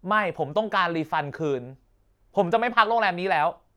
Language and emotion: Thai, angry